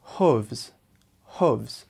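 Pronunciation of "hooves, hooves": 'Hooves' is said twice the American way, with an uh sound in the vowel rather than ooh.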